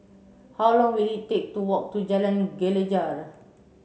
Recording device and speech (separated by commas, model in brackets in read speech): mobile phone (Samsung C7), read sentence